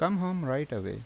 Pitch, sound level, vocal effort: 140 Hz, 83 dB SPL, normal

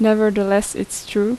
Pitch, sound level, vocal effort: 210 Hz, 81 dB SPL, normal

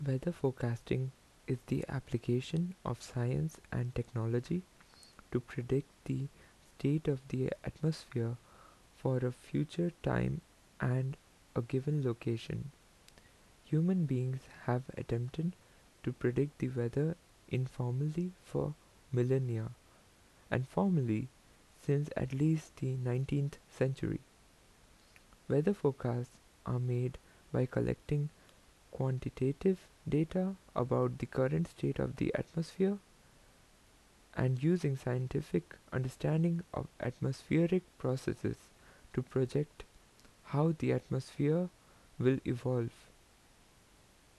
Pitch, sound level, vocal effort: 130 Hz, 77 dB SPL, soft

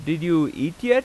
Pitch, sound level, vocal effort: 160 Hz, 92 dB SPL, loud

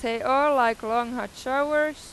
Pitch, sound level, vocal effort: 255 Hz, 96 dB SPL, loud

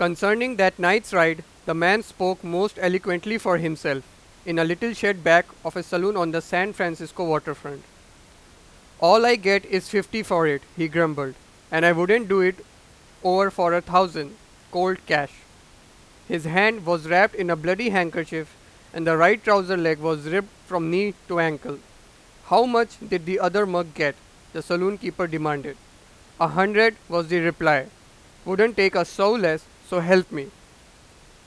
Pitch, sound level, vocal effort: 180 Hz, 98 dB SPL, very loud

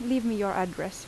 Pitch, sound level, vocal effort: 200 Hz, 81 dB SPL, normal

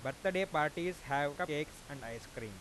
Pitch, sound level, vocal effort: 145 Hz, 94 dB SPL, normal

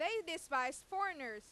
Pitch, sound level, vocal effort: 325 Hz, 99 dB SPL, very loud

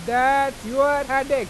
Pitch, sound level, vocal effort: 270 Hz, 102 dB SPL, very loud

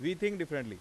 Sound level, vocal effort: 92 dB SPL, loud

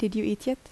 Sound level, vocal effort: 78 dB SPL, soft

